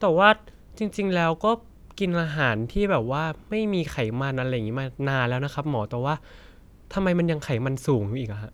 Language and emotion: Thai, neutral